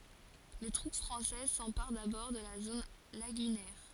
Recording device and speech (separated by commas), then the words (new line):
forehead accelerometer, read sentence
Les troupes françaises s'emparent d'abord de la zone lagunaire.